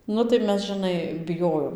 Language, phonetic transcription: Lithuanian, ˈnu tai ˈmes žɨˈnai biˈjojom

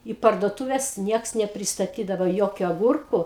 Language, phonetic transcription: Lithuanian, į parduoˈtuves ˈnieks nepristaˈtydava ˈjokiu aˈgurku

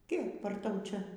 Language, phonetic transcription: Lithuanian, ˈkeip ar ˈtau ˈčia

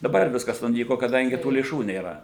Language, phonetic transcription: Lithuanian, daˈbar ˈviskas nuˈnyko kaˈdangi tų lėˈšų nėˈra

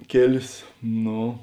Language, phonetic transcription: Lithuanian, ˈkėlės ˈno

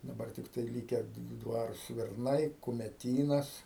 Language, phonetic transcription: Lithuanian, daˈbar tikˈtai lyke ˈdvaru svirˈnai kumeˈtynas

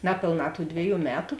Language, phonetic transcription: Lithuanian, ˈnapėlˌnā tų ˈdviˌjų ˈmetu

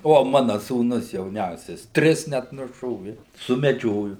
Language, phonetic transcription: Lithuanian, ˈvo ˈmana sūˈnus jauˈniausias ˈtris net nuˈšovi sumeˈdžioju

